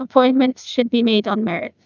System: TTS, neural waveform model